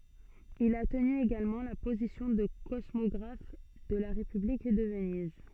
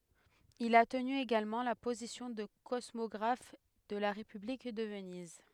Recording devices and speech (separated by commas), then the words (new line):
soft in-ear microphone, headset microphone, read sentence
Il a tenu également la position de cosmographe de la République de Venise.